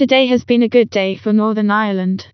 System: TTS, vocoder